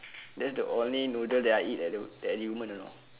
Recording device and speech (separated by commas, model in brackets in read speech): telephone, conversation in separate rooms